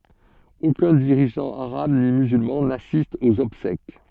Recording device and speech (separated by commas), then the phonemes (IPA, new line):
soft in-ear microphone, read sentence
okœ̃ diʁiʒɑ̃ aʁab ni myzylmɑ̃ nasist oz ɔbsɛk